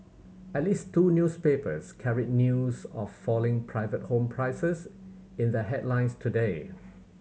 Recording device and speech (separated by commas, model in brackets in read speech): mobile phone (Samsung C7100), read sentence